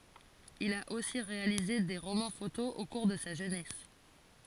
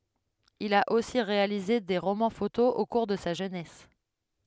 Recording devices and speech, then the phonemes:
forehead accelerometer, headset microphone, read sentence
il a osi ʁealize de ʁomɑ̃ fotoz o kuʁ də sa ʒønɛs

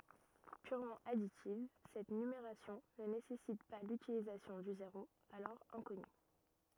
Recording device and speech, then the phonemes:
rigid in-ear microphone, read sentence
pyʁmɑ̃ aditiv sɛt nymeʁasjɔ̃ nə nesɛsit pa lytilizasjɔ̃ dy zeʁo alɔʁ ɛ̃kɔny

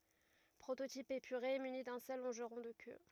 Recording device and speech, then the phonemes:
rigid in-ear microphone, read sentence
pʁototip epyʁe myni dœ̃ sœl lɔ̃ʒʁɔ̃ də kø

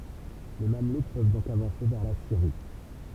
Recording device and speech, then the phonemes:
temple vibration pickup, read sentence
le mamluk pøv dɔ̃k avɑ̃se vɛʁ la siʁi

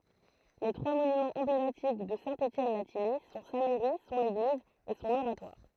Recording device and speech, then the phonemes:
throat microphone, read sentence
le tʁwa monymɑ̃z ɑ̃blematik də sɛ̃ etjɛn la tijɛj sɔ̃ sa mɛʁi sɔ̃n eɡliz e sɔ̃n oʁatwaʁ

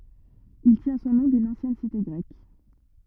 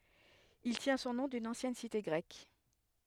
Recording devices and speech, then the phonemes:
rigid in-ear microphone, headset microphone, read sentence
il tjɛ̃ sɔ̃ nɔ̃ dyn ɑ̃sjɛn site ɡʁɛk

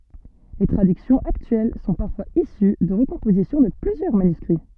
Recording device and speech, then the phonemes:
soft in-ear microphone, read sentence
le tʁadyksjɔ̃z aktyɛl sɔ̃ paʁfwaz isy də ʁəkɔ̃pozisjɔ̃ də plyzjœʁ manyskʁi

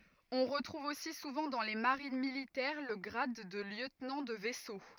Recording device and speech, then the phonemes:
rigid in-ear microphone, read sentence
ɔ̃ ʁətʁuv osi suvɑ̃ dɑ̃ le maʁin militɛʁ lə ɡʁad də ljøtnɑ̃ də vɛso

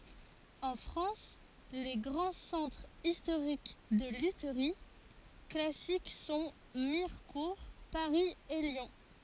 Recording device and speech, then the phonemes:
forehead accelerometer, read sentence
ɑ̃ fʁɑ̃s le ɡʁɑ̃ sɑ̃tʁz istoʁik də lytʁi klasik sɔ̃ miʁkuʁ paʁi e ljɔ̃

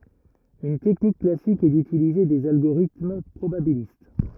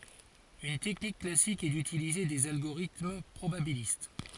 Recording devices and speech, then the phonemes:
rigid in-ear microphone, forehead accelerometer, read sentence
yn tɛknik klasik ɛ dytilize dez alɡoʁitm pʁobabilist

